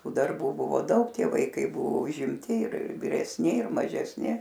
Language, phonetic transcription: Lithuanian, ˈtų darˈbų buˈvo ˈdaug ˈtie vaiˈkai ˈbuvo užimˈti ir viresˈni ir mažesˈni

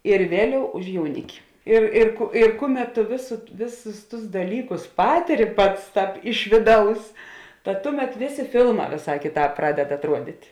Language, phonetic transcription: Lithuanian, ir ˈvėˌliau už jauˈniki ir ir ku ir ˈkuˌmet tu vės ˈvėˌsus tus daˈlykus ˈpatiri ˈpats ˈtāp ˈiš vėˌdaus tad ˈtuˌmet ˈvėˌsė ˈfilˌmā vėˈsā ˈkėˌtāp ˈpraded atˈruodit'

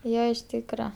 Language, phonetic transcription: Lithuanian, ˈjo iš ˈtykra

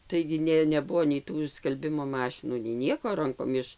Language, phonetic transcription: Lithuanian, ˈtaigi ˈnė neˈbuvo nei ˈtų skalˈbimo ˈmašinų nei ˈnieko ˈrankom ˈiš

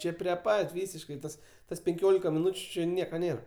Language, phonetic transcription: Lithuanian, ˈčė prie ˈpat' ˈvysiškai tas ˈtas penˈkiolika miˈnūčiu ˈči ˈnieka ˈnėra

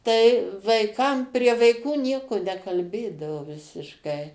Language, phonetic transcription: Lithuanian, tai vaiˈkam prie vaiˈkų ˈnieku nekalˈbėdavo visišˈkai

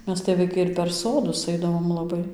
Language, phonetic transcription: Lithuanian, ˈmes tai vaiˈkai ir per ˈsodus ˈaidavom laˈbai

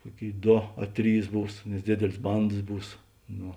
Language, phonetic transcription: Lithuanian, ˈkuoˌkėi ˈdo a ˈtrys ˈbūs nes ˈdėdėlės ˈbandas ˈbūs ˈno

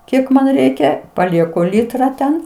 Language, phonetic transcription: Lithuanian, ˈkiek man ˈreikia paˈlieku ˈlitra ˈten

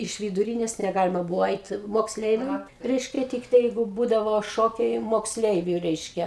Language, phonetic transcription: Lithuanian, iš viduˈrynės neˈgalima ˈbuvo ˈait moksˈleiviam ˈreiškia ˈtiktai ˈjeigu ˈbūdavo ˈšokiai moksˈleiviu ˈreiškia

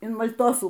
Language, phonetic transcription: Lithuanian, in mal'ˈtosų

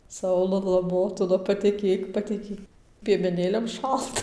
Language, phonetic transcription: Lithuanian, ˈsaulala ˈmotula paˈtekėk pateˈkėk piemeˈnėliam ˈšalta

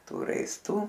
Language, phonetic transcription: Lithuanian, ˈtų raisˈtų

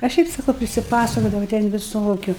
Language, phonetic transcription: Lithuanian, a ˈšiaip saˈkau prisiˈpasakodava ten viˈsokiu

